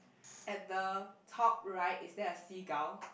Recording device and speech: boundary microphone, conversation in the same room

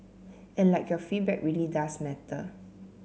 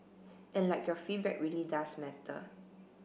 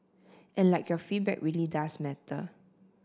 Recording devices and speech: mobile phone (Samsung C7), boundary microphone (BM630), standing microphone (AKG C214), read sentence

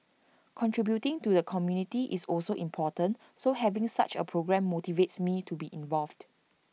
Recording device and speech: mobile phone (iPhone 6), read sentence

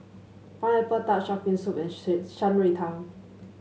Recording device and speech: mobile phone (Samsung S8), read sentence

